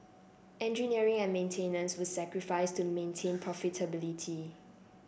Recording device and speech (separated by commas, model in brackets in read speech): boundary microphone (BM630), read sentence